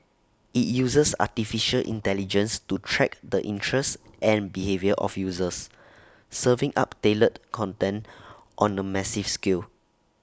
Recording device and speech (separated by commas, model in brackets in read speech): standing microphone (AKG C214), read sentence